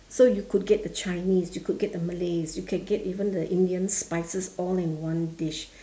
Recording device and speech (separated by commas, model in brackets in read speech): standing microphone, conversation in separate rooms